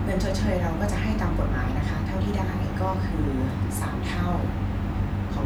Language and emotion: Thai, neutral